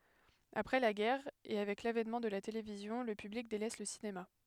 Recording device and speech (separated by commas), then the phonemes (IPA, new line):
headset microphone, read sentence
apʁɛ la ɡɛʁ e avɛk lavɛnmɑ̃ də la televizjɔ̃ lə pyblik delɛs lə sinema